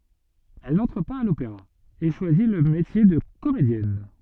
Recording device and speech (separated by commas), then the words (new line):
soft in-ear microphone, read sentence
Elle n'entre pas à l'Opéra et choisi le métier de comédienne.